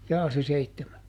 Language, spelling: Finnish, jaa se seitsemän
- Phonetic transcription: ˈjaa se ˈseittemä ?

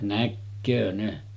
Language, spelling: Finnish, näkee ne
- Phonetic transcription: 'näkköö ne .

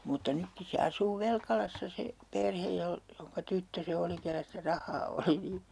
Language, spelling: Finnish, mutta nytkin se asuu Velkalassa se perhe - jonka tyttö se oli kenellä sitä rahaa oli niin
- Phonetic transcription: mutta 'nykki se 'asuu 'velkalassa se , "perhej jol- , joŋka 'tyttö se 'oli 'kellä sitä 'rah̆haa oli (nii) .

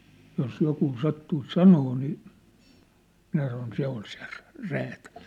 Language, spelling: Finnish, jos joku sattuisi sanomaan niin minä sanoin se on se - räätäli
- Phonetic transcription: jos 'jokuu 'sattuis "sanoo nii , minä sanon 'se ‿on se rᴀ̈- , 'räätäʟ .

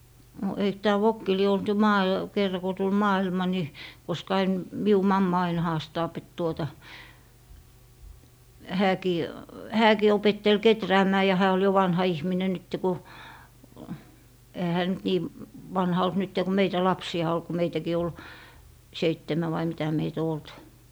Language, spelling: Finnish, no eikö tämä vokki lie ollut jo - kerran kun tuli maailma niin koska aina minun mamma aina haastaa että tuota hänkin hänkin opetteli kehräämään ja hän oli jo vanha ihminen nyt kun eihän hän nyt niin vanha ollut nyt kun meitä lapsia oli kun meitäkin oli seitsemän vai mitä meitä on ollut
- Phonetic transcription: no eik tää "vokki lie olt jo 'maa- , 'kerra ko 'tul 'maa₍ilma ni , koska ain , 'miu "mamma ain 'haastaap et tuota , 'hääkii , "hääkii opettel "keträämää ja hää ol jo 'vanha 'ihminen nytte ku , ehä hää nyt 'nii , "vanha olt 'nytte ku 'meitä 'lapsi₍a ol ku 'meitäkii ol , "seittemä vai mitä 'meit ‿o 'olt .

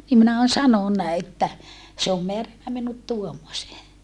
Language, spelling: Finnish, niin minä olen sanonut että se on määrännyt minut tuommoiseen
- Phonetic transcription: nim minä on sanonna että , se om meärännä minut tuommosee .

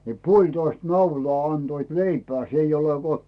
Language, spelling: Finnish, niin puolitoista naulaa antoivat leipää se ei ole kun
- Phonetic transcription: ni 'puoĺtoist 'naulaa anDoit "leipᵉää 's ‿eij ‿ole ko .

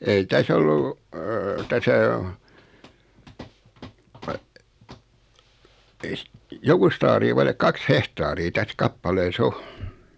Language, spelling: Finnish, ei tässä ollut tässä on ei - jokusta aaria vaille kaksi hehtaaria tässä kappaleessa on
- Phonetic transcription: ei 'täs ‿ollu , täsä o , ei si- , 'jokust ‿aarii 'vailek 'kaks "hehtaarii 'täs 'kappalee"s ‿o .

